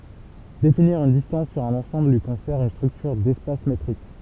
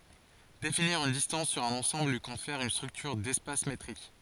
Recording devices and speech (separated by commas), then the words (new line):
temple vibration pickup, forehead accelerometer, read sentence
Définir une distance sur un ensemble lui confère une structure d'espace métrique.